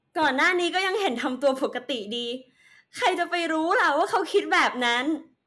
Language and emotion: Thai, happy